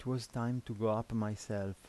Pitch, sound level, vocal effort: 115 Hz, 81 dB SPL, soft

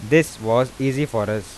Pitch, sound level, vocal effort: 115 Hz, 89 dB SPL, normal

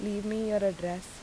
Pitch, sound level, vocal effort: 205 Hz, 82 dB SPL, normal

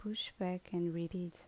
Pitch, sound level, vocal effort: 180 Hz, 75 dB SPL, soft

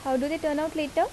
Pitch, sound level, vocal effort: 305 Hz, 82 dB SPL, normal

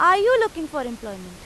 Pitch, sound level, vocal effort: 305 Hz, 97 dB SPL, very loud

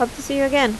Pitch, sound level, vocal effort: 275 Hz, 82 dB SPL, normal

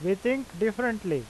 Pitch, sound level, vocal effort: 220 Hz, 91 dB SPL, loud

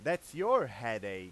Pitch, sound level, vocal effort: 115 Hz, 101 dB SPL, very loud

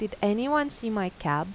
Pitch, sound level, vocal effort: 205 Hz, 86 dB SPL, normal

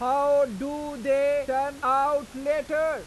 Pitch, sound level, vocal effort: 280 Hz, 102 dB SPL, very loud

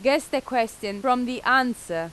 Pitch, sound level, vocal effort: 245 Hz, 92 dB SPL, very loud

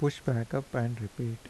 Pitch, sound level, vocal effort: 120 Hz, 77 dB SPL, soft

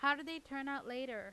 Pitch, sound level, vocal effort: 275 Hz, 93 dB SPL, loud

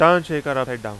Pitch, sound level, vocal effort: 140 Hz, 96 dB SPL, very loud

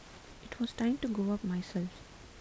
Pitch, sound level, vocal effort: 210 Hz, 75 dB SPL, soft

